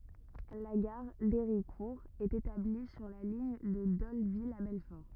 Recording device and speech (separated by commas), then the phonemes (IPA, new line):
rigid in-ear microphone, read sentence
la ɡaʁ deʁikuʁ ɛt etabli syʁ la liɲ də dolvil a bɛlfɔʁ